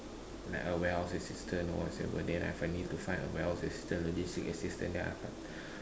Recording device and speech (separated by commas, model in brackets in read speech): standing microphone, conversation in separate rooms